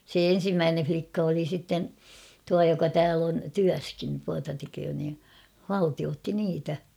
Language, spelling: Finnish, se ensimmäinen likka oli sitten tuo joka täällä on työssäkin tuota tekee niin haltioitsi niitä
- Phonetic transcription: 'se "en̬simmäänen͕̬ flikka oli sitten , 'tua joka "tääl ‿on "tyäskin tuata teköö nii , "haltiootti 'niitä .

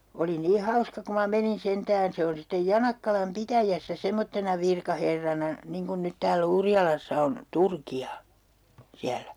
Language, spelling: Finnish, oli niin hauska kun minä menin sentään se on sitten Janakkalan pitäjässä semmoisena virkaherrana niin kuin nyt täällä Urjalassa on Turkia siellä
- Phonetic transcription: 'oli nii "hauska ku ma 'menin 'sentään 'se on sittej "Janakkalam "pitäjässä 'semmottena virkaherrana , 'niŋ kun nyt tääl'l ‿Urjalassa on , "Turki₍a , 'siälÄ .

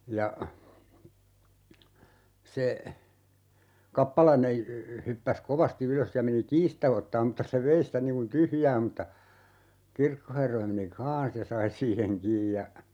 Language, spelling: Finnish, ja se kappalainen hyppäsi kovasti ylös ja meni kiinni sitä ottamaan mutta se vei sitä niin kuin tyhjää mutta kirkonherra meni kanssa ja sai siihen kiinni ja
- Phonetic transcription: 'ja , 'se , "kappalaine , 'hyppäs "kovasti 'ylös ja 'meni "kiis stä 'ottaam mᵘtta se 'vei sitä niŋ kun "tyhjää m̥tta , 'kirkoherra meni "kaan̬s ja "sai 'siiheŋ 'kiij ja , .

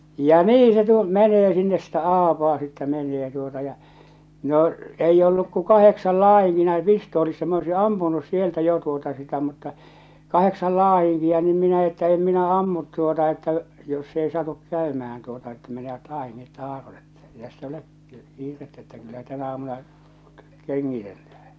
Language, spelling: Finnish, ja niin se tuo menee sinne sitä aapaa sitten menee tuota ja no ei ollut kuin kahdeksan - näin pistoolissa minä olisin ampunut sieltä jo tuota sitä mutta kahdeksan latinkia niin minä että en minä ammu tuota että jos se ei satu käymään tuota että menevät aineet taaron että ei tässä ole kiirettä että kyllä tänä aamuna kengitellään
- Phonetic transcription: ja "nii se tuo , 'mɛ̳nee sinnes sitä "aapaa sittɛ 'men̆nee tuota ja , no , 'eijj ‿olluk ku "kaheksal "laah̬iŋki- näi 'pistoolissa m ‿oisi "ampunus 'sieltä 'jo tuota sitä mutta , 'kaheksal 'laa₍iŋkia niim 'minä että 'em 'minä "ammut tuota että , jos 's ‿ei 'satuk 'kä̀ymähän tuota että menevät "àineet "taaron ettᴀ̈ , ei täss ‿olek , 'kiirettä että kyllä 'tänä aamuna , 'keŋŋitellähᴀ̈ɴ .

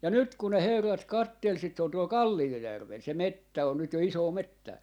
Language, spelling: Finnish, ja nyt kun ne herrat katseli sitä se on tuolla Kalliojärvellä se metsä on nyt jo isoa metsää
- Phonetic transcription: ja 'nyt kun ne 'herrat "kattel 'sit se on tuol "Kallijojärvel se "mettä on nyt jo 'isoo "mettää .

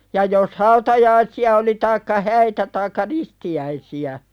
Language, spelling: Finnish, ja jos hautajaisia oli taikka häitä taikka ristiäisiä
- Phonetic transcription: ja jos 'hautajaisi₍a oli taikka 'häitä taikka "risti₍äisi₍ä ,.

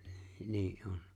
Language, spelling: Finnish, niin on
- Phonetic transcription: 'nii’ '’on .

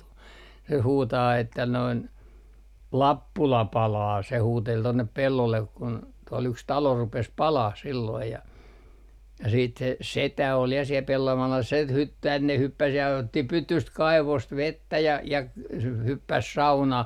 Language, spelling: Finnish, se huutaa että noin Lappula palaa se huuteli tuonne pellolle kun tuolla yksi talo rupesi palamaan silloin ja ja sitten se setä oli ja siellä pellon alla - - tänne hyppäsi ja otti pytystä kaivosta vettä ja ja - se hyppäsi saunaan
- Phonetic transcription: se 'huutaa että noin , » "Lappula 'palaa » se 'huutel 'tonnep 'pellollek kun , tuol yks 'talo 'rupes "palah silloij ja , ja siit se , "setä ol ja siel (pellon alla) set - hyt - tänne 'hyppäs ja otti "pytyst 'kaivost "vettä ja , ja , s - se 'hyppäs 'saunah .

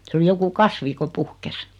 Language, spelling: Finnish, se oli joku kasvi kun puhkesi
- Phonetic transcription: se oli 'joku "kasvi ko 'puhkes .

